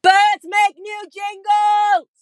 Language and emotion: English, neutral